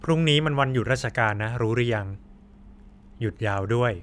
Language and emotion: Thai, neutral